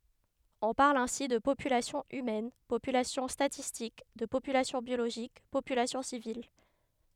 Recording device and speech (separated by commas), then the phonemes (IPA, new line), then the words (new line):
headset microphone, read sentence
ɔ̃ paʁl ɛ̃si də popylasjɔ̃ ymɛn popylasjɔ̃ statistik də popylasjɔ̃ bjoloʒik popylasjɔ̃ sivil ɛtseteʁa
On parle ainsi de population humaine, population statistique, de population biologique, population civile, etc.